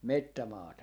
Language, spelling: Finnish, metsämaata
- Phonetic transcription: "mettämaata .

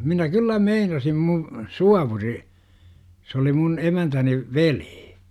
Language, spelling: Finnish, minä kyllä meinasin - suovuri se oli minun emäntäni veli
- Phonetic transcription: 'minä 'kyllä "meinasim mu- , 'suavuri , s ‿oli mun 'emäntäni , "ve-lII .

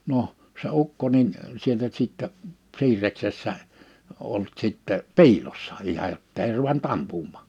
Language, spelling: Finnish, no se ukko niin sieltä sitten siirreksessä ollut sitten piilossa ihan jotta ei ruvennut ampumaan
- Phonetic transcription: 'noh , se 'ukko nin , 'sieltä sìttɛ , 'siir̆reksessä , ollᵘt 'sìttɛ , "piilossa , 'ihaj jottei ruvent 'ampummÀ .

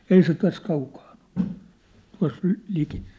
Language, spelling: Finnish, ei se tässä kaukana ole tuossa - liki
- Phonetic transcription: 'ei se 'täs 'kaukaaɴ ‿ᴏʟ , tua̭s , lĭ- , liki . «

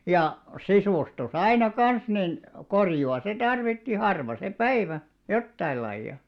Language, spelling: Finnish, ja sisustus aina kanssa niin korjausta se tarvitsi harva se päivä jotain lajia
- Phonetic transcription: ja , 'sisùstu"s aina "kans nin , korju₍a 'se tarvitti 'harva se "päivä , 'jottaillaiʲa .

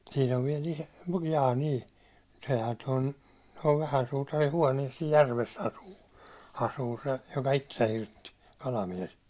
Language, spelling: Finnish, siinä on vielä - jaa niin sehän tuon tuon vähän suutarin huoneissa siinä järvessä asuu asuu se joka itsensä hirtti kalamies
- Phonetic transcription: sin ‿ov viɛl ‿iso- , jaa ni , sehä ton , tov 'vähän sutari 'huániɛs sij 'järves 'asuu , 'asuu se , joka "ittesä 'hirtti , 'kalamies .

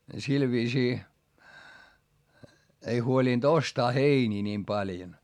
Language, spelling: Finnish, sillä viisiin ei huolinut ostaa heiniä niin paljon
- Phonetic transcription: sil viisii , ei huolìnD ostaa heinii niim paljon .

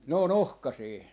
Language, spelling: Finnish, ne on ohkaisia
- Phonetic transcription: ne ‿o"n ‿ohkasii .

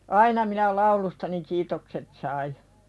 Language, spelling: Finnish, aina minä laulustani kiitokset sain
- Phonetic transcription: aina minä 'laulustani kiitokset sai .

